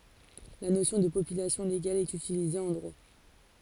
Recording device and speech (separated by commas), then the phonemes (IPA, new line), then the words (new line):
forehead accelerometer, read sentence
la nosjɔ̃ də popylasjɔ̃ leɡal ɛt ytilize ɑ̃ dʁwa
La notion de population légale est utilisée en droit.